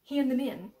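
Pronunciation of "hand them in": In 'hand them in', the d of 'hand' does not fully come out and turns into an n sound.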